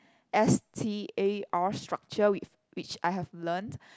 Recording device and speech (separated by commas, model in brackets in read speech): close-talking microphone, conversation in the same room